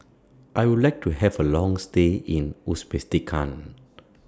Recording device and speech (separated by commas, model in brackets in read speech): standing microphone (AKG C214), read sentence